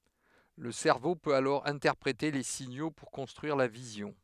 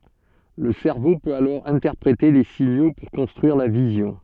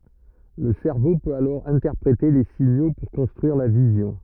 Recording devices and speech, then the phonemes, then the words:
headset microphone, soft in-ear microphone, rigid in-ear microphone, read sentence
lə sɛʁvo pøt alɔʁ ɛ̃tɛʁpʁete le siɲo puʁ kɔ̃stʁyiʁ la vizjɔ̃
Le cerveau peut alors interpréter les signaux pour construire la vision.

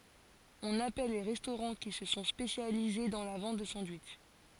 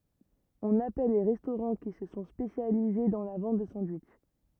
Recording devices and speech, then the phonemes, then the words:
forehead accelerometer, rigid in-ear microphone, read sentence
ɔ̃n apɛl le ʁɛstoʁɑ̃ ki sə sɔ̃ spesjalize dɑ̃ la vɑ̃t də sɑ̃dwitʃ
On appelle les restaurants qui se sont spécialisés dans la vente de sandwichs.

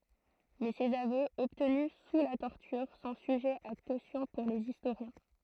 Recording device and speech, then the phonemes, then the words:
throat microphone, read sentence
mɛ sez avøz ɔbtny su la tɔʁtyʁ sɔ̃ syʒɛz a kosjɔ̃ puʁ lez istoʁjɛ̃
Mais ses aveux, obtenus sous la torture, sont sujets à caution pour les historiens.

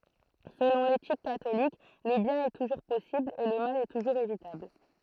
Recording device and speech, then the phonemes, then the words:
throat microphone, read sentence
səlɔ̃ letik katolik lə bjɛ̃n ɛ tuʒuʁ pɔsibl e lə mal tuʒuʁz evitabl
Selon l'éthique catholique, le bien est toujours possible et le mal toujours évitable.

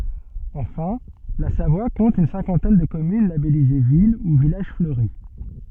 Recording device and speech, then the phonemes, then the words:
soft in-ear microphone, read sentence
ɑ̃fɛ̃ la savwa kɔ̃t yn sɛ̃kɑ̃tɛn də kɔmyn labɛlize vil u vilaʒ fløʁi
Enfin, la Savoie compte une cinquantaine de communes labellisées ville ou village fleuri.

